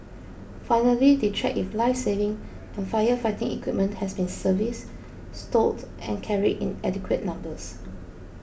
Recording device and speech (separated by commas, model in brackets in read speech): boundary microphone (BM630), read sentence